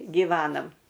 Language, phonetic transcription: Lithuanian, giˈvenam

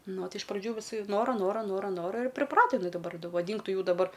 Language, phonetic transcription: Lithuanian, ˈno ˈtai iš praˈdžių viˈsi ˈnora ˈnora ˈnora ˈnora ir priˈprato jiˈnai daˈbar vaˈdynk ˈtu ˈjų daˈbar

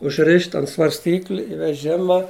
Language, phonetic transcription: Lithuanian, užˈrišt' ant svarsˈtykli i veˈžima

